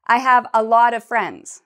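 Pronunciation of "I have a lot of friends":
In 'a lot of', the word 'of' is said as an uh sound. It is quieter than the rest of the phrase because it is not a stressed syllable.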